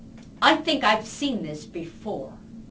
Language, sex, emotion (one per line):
English
female
angry